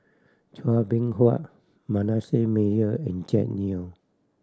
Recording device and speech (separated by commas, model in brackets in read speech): standing microphone (AKG C214), read sentence